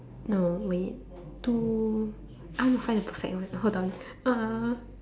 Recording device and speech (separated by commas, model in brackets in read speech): standing microphone, conversation in separate rooms